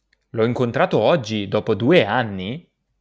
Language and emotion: Italian, surprised